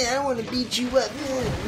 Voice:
nerd voice